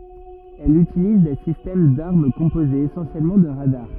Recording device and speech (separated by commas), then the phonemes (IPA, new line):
rigid in-ear microphone, read sentence
ɛl ytiliz de sistɛm daʁm kɔ̃pozez esɑ̃sjɛlmɑ̃ də ʁadaʁ